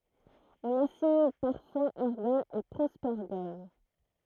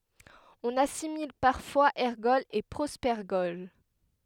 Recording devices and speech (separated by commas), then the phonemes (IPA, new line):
throat microphone, headset microphone, read sentence
ɔ̃n asimil paʁfwaz ɛʁɡɔlz e pʁopɛʁɡɔl